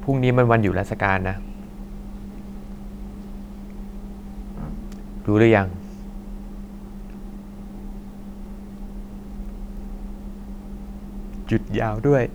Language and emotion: Thai, sad